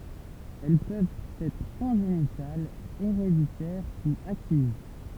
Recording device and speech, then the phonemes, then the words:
temple vibration pickup, read sentence
ɛl pøvt ɛtʁ kɔ̃ʒenitalz eʁeditɛʁ u akiz
Elles peuvent être congénitales, héréditaires ou acquises.

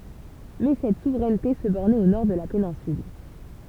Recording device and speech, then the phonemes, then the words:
temple vibration pickup, read sentence
mɛ sɛt suvʁɛnte sə bɔʁnɛt o nɔʁ də la penɛ̃syl
Mais cette souveraineté se bornait au nord de la péninsule.

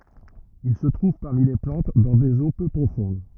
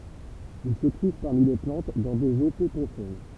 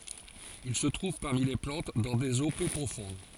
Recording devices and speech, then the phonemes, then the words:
rigid in-ear microphone, temple vibration pickup, forehead accelerometer, read sentence
il sə tʁuv paʁmi le plɑ̃t dɑ̃ dez o pø pʁofɔ̃d
Il se trouve parmi les plantes dans des eaux peu profondes.

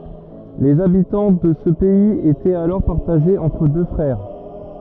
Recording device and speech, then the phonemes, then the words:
rigid in-ear microphone, read sentence
lez abitɑ̃ də sə pɛiz etɛt alɔʁ paʁtaʒez ɑ̃tʁ dø fʁɛʁ
Les habitants de ce pays étaient alors partagés entre deux frères.

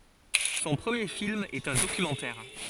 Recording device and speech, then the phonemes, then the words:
forehead accelerometer, read sentence
sɔ̃ pʁəmje film ɛt œ̃ dokymɑ̃tɛʁ
Son premier film est un documentaire.

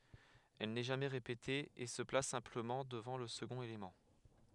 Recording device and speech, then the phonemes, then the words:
headset microphone, read sentence
ɛl nɛ ʒamɛ ʁepete e sə plas sɛ̃pləmɑ̃ dəvɑ̃ lə səɡɔ̃t elemɑ̃
Elle n'est jamais répétée, et se place simplement devant le second élément.

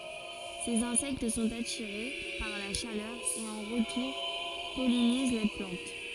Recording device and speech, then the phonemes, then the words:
forehead accelerometer, read sentence
sez ɛ̃sɛkt sɔ̃t atiʁe paʁ la ʃalœʁ e ɑ̃ ʁətuʁ pɔliniz la plɑ̃t
Ces insectes sont attirés par la chaleur et en retour pollinisent la plante.

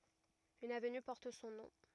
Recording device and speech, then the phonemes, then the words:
rigid in-ear microphone, read sentence
yn avny pɔʁt sɔ̃ nɔ̃
Une avenue porte son nom.

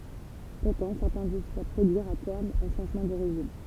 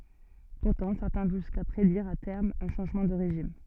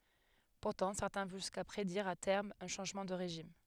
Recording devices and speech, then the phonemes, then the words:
temple vibration pickup, soft in-ear microphone, headset microphone, read sentence
puʁtɑ̃ sɛʁtɛ̃ vɔ̃ ʒyska pʁediʁ a tɛʁm œ̃ ʃɑ̃ʒmɑ̃ də ʁeʒim
Pourtant certains vont jusqu'à prédire à terme un changement de régime.

